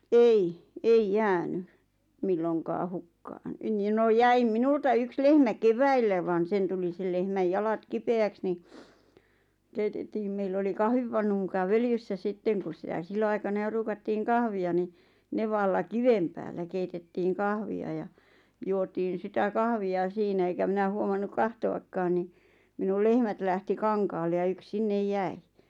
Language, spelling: Finnish, ei ei jäänyt milloinkaan hukkaan niin no jäi minulta yksi lehmä keväällä vaan sen tuli sen lehmän jalat kipeäksi niin keitettiin meillä oli kahvipannu muka völjyssä sitten kun sitä silloinaikana jo ruukattiin kahvia niin nevalla kiven päällä keitettiin kahvia ja juotiin sitä kahvia siinä enkä minä huomannut katsoakaan niin minulla lehmät lähti kankaalle ja yksi sinne jäi
- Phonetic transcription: ei , 'eij "jääny , 'milloŋkaa 'hukkaan nin 'no 'jäim "minulta "yks 'lehmä "keväillä van 'sen tuli sel lehmäj 'jalat "kipe₍äks ni , 'keitettiim meill ‿oli 'kahvipannu muka 'völjyssä "sitteŋ kus sitä 'sillo₍aikana 'jo ruukattiiŋ 'kahvi₍a ni , 'nevalla "kivem päällä 'keitettiiŋ "kahvi₍a ja , 'juotiin̬ sitä 'kahvi₍a 'siinä eŋkä 'minä huomannuk 'kahto₍akkaan ni , minul 'lehmät lähti "kaŋkaalle ja 'yks "sinnej "jäi .

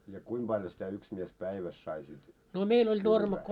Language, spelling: Finnish, ja kuinka paljon sitä yksi mies päivässä sai sitten kylvää
- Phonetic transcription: ja 'kuim ʙaljo sitä 'yks mies 'päiväs sai sit kylvää ?

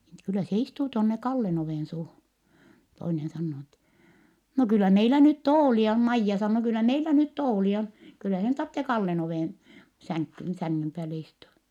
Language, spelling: Finnish, niin että kyllä se istuu tuonne Kallen ovensuuhun toinen sanoo niin että no kyllä meillä nyt tuoleja on Maija sanoo kyllä meillä nyt tuoleja on kyllä sen tarvitse Kallen oven sänkyyn sängyn päälle istua
- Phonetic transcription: n ‿et » kyllä se istuu tonne Kallen ‿ovènsuuhun » , toinen sannoo n ‿ettɛ , » no kyllä meilä nyt toolia on » Maijja sannoo » kyllä meilä nyt toolia on , kyllä sen tartte Kallen ovèn , säŋkkyn , säŋŋym pääle istua » .

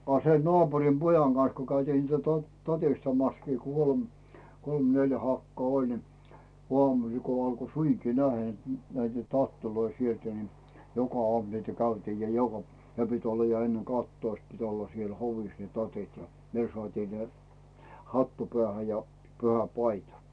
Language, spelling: Finnish, a se naapurin pojan kanssa kun käytiin niitä - tatistamassakin - kolme neljä hakaa oli niin aamusilla kun alkoi suinkin nähdä että näitä tatteja sieltä niin joka aamu niitä käytiin ja joka - ja ne piti olla ja ennen kahtatoista piti olla siellä hovissa ne tatit ja ne saatiin ne hattu päähän ja pyhäpaita
- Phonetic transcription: a se 'nᵒaapurim "pojaŋ Can̬s ko käytiin niit 'to- 'tatistamaskii kol , 'kolm 'neljä 'hakkᵒà "oĺ ni , 'ᵘamusil ko 'alko "suiŋki 'nähä ‿et 'näitä "tattiloi 'sieltä ni , 'joka "ᵒàmu niitä 'käytiij ja 'joka p- , ja 'ne pit ‿'olla ja enne 'kahttoist pit ‿'olla siel 'hovis ne 'tatit ja , 'ne sᵒàtii 'ne , 'hattu "pᵉä̀hä ja , 'pyhä"paita .

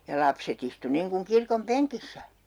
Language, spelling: Finnish, ja lapset istui niin kuin kirkon penkissä
- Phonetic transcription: ja 'lapset ‿istu niŋkuŋ 'kirkom "peŋkissä .

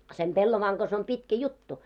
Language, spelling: Finnish, sen pellavan kanssa on pitkä juttu
- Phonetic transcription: sem 'pellovaaŋ ɢas om 'pitkä "juttu .

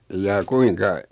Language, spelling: Finnish, jaa kuinka
- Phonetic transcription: 'jaa "kuiŋka ?

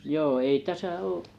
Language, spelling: Finnish, joo ei tässä ole
- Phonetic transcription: joo ei"täsä "oo’ ,.

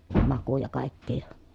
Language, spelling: Finnish, makuja kaikkia ja
- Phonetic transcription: makuja kàikkii ja ,.

